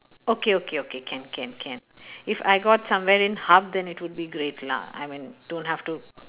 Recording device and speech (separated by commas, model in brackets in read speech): telephone, conversation in separate rooms